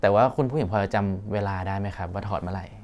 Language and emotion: Thai, neutral